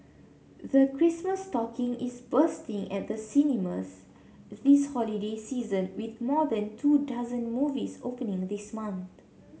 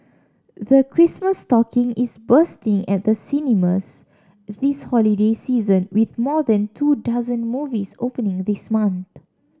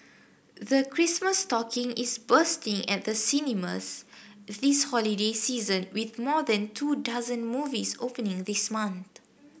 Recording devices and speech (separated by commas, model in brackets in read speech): mobile phone (Samsung C7), standing microphone (AKG C214), boundary microphone (BM630), read sentence